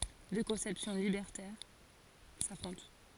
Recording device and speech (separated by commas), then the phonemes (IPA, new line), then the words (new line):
forehead accelerometer, read sentence
dø kɔ̃sɛpsjɔ̃ libɛʁtɛʁ safʁɔ̃t
Deux conceptions libertaires s'affrontent.